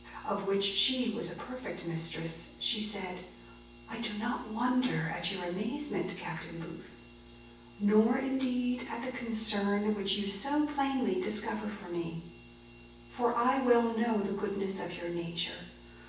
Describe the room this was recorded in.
A sizeable room.